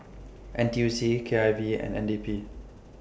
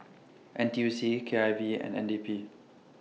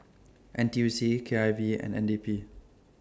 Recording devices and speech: boundary microphone (BM630), mobile phone (iPhone 6), standing microphone (AKG C214), read sentence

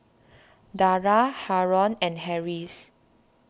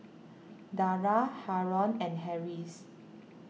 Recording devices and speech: standing microphone (AKG C214), mobile phone (iPhone 6), read sentence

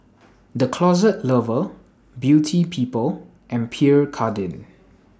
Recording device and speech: standing microphone (AKG C214), read sentence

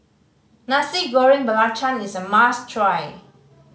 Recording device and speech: mobile phone (Samsung C5010), read sentence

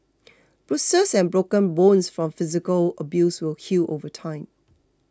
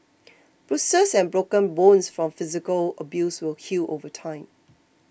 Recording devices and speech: close-talking microphone (WH20), boundary microphone (BM630), read sentence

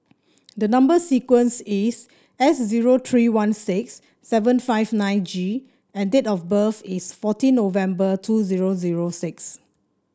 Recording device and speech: standing microphone (AKG C214), read sentence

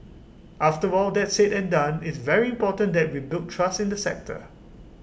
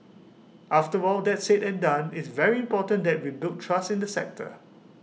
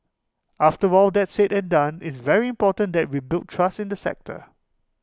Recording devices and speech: boundary microphone (BM630), mobile phone (iPhone 6), close-talking microphone (WH20), read sentence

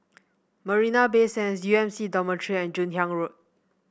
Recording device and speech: boundary microphone (BM630), read sentence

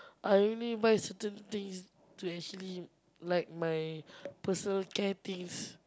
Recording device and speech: close-talking microphone, conversation in the same room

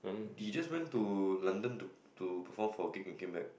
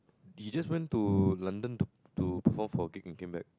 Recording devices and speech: boundary microphone, close-talking microphone, conversation in the same room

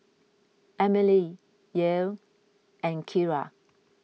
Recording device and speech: mobile phone (iPhone 6), read sentence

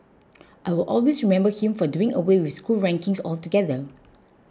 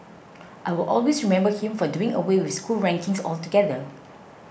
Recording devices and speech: close-talking microphone (WH20), boundary microphone (BM630), read sentence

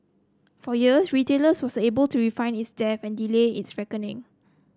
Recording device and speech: close-talking microphone (WH30), read sentence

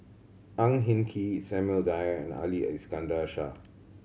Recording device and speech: mobile phone (Samsung C7100), read sentence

